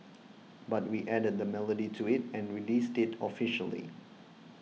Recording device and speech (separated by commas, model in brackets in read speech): mobile phone (iPhone 6), read sentence